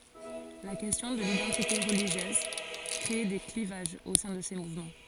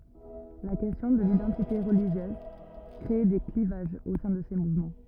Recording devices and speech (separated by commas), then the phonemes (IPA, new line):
forehead accelerometer, rigid in-ear microphone, read sentence
la kɛstjɔ̃ də lidɑ̃tite ʁəliʒjøz kʁe de klivaʒz o sɛ̃ də se muvmɑ̃